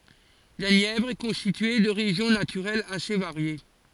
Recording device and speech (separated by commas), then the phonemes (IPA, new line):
forehead accelerometer, read sentence
la njɛvʁ ɛ kɔ̃stitye də ʁeʒjɔ̃ natyʁɛlz ase vaʁje